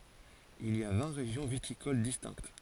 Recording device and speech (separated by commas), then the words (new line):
forehead accelerometer, read sentence
Il y a vingt régions viticoles distinctes.